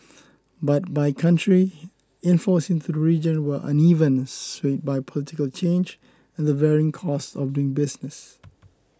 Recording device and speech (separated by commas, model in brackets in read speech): close-talking microphone (WH20), read sentence